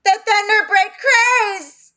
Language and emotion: English, fearful